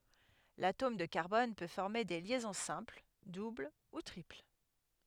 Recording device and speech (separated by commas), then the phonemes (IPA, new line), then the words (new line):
headset microphone, read sentence
latom də kaʁbɔn pø fɔʁme de ljɛzɔ̃ sɛ̃pl dubl u tʁipl
L’atome de carbone peut former des liaisons simples, doubles ou triples.